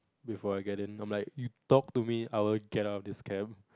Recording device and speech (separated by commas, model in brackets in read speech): close-talking microphone, conversation in the same room